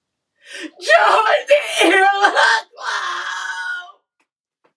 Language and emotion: English, sad